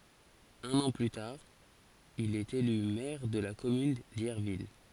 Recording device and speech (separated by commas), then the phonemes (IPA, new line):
forehead accelerometer, read sentence
œ̃n ɑ̃ ply taʁ il ɛt ely mɛʁ də la kɔmyn djɛʁvil